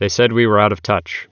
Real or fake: real